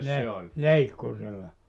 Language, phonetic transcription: Finnish, 'le- , "leikkurilla .
- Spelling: - leikkurilla

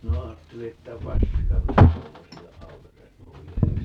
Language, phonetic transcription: Finnish, 'minä 'aatteli että "paska 'minä 'tuommosilleʼ 'ʼaukaseʼ "ʼovi₍a (mutta) ,.
- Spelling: minä ajattelin että paska minä tuommoisille aukaise ovia mutta

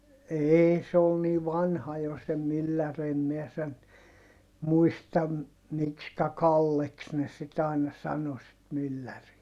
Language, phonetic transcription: Finnish, eei - se ol nii vanha jo se myllär ‿em miɛ sen , muistam , mikskä Kalleks ne sit ‿àina sano sit mylläri(ä) .
- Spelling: ei se oli niin vanha jo se mylläri en minä sen muista miksikä Kalleksi ne sitten aina sanoi sitten mylläriä

